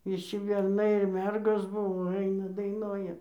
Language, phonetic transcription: Lithuanian, viˈši berˈnai ir ˈmergos ˈbuvo ˈaina daiˈnoja

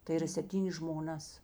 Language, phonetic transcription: Lithuanian, tai yˈra sepˈtynės žmoˈnas

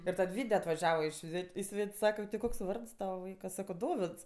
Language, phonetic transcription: Lithuanian, ir ˈtad ˈvyde atvaˈžiava i ˈšvet' i ˈsvet's' ˈsaka ti ˈkoks ˈvards ˈtava ˈvaika ˈsako ˈdovids

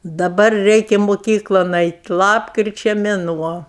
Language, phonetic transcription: Lithuanian, daˈbar ˈreikia moˈkyklon ˈait' ˈlapkričia meˈnuo

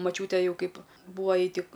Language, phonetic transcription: Lithuanian, maˈčiūtė ˈjau ˈkaip ˈbūvo ˈjai ˈtik

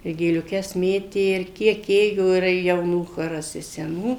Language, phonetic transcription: Lithuanian, i gėliuˈkes ˈmėtė ir ˈkiek ˈėjo ir jauˈnų ˈchoras i seˈnų

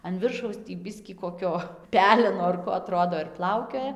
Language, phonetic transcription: Lithuanian, an ˈviršaus tį ˈbiskį koˈkio ˈpeleno ar ˈko aˈtrodo ir ˈplaukioja

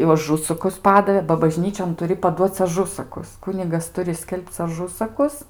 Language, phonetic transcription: Lithuanian, jau aˈžusakus ˈpadavė ba baˈžnyčion tuˈri paˈduoc aˈžusakus ˈkunigas ˈturi ˈskelbc aˈžusakus

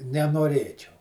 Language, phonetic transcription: Lithuanian, nenoˈrėčiau

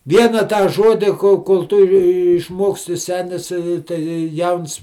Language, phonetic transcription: Lithuanian, ˈviena tą ˈžodi kol kol ˈtu jį išˈmoksti ˈsenis i tai ˈjauns

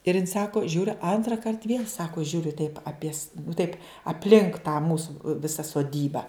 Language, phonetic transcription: Lithuanian, ir jin ˈsako ˈžiūriu antraˈkart viel' ˈsako ˈžiūriu taip aˈpies taip apˈlink tą ˈmūsu ˈvisa soˈdyba

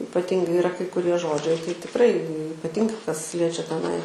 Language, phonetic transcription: Lithuanian, ipaˈtingai iˈra kai kuˈrie ˈžodžiai tai tikˈrai ipaˈtingai kas ˈliečia teˈnai

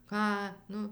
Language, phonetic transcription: Lithuanian, ˈką ˈnu

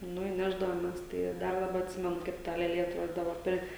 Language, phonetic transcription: Lithuanian, ˈnu i ˈnešdavomes ˈtai ˈdar daˈba atˈsimenu kaip ˈta lėˈlė atˈrodydava ˈper

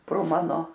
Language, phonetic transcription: Lithuanian, pro ˈmano

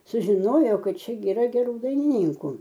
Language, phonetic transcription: Lithuanian, sužiˈnojo ˈkad ˈčia gi iˈra geˈrų dainiˈnynku

